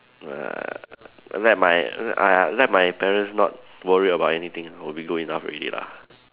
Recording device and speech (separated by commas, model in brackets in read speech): telephone, conversation in separate rooms